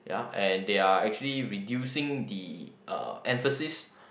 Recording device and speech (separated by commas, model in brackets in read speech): boundary microphone, conversation in the same room